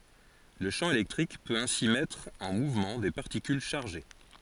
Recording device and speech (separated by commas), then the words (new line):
forehead accelerometer, read sentence
Le champ électrique peut ainsi mettre en mouvement des particules chargées.